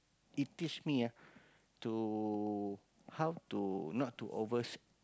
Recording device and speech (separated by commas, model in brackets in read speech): close-talking microphone, conversation in the same room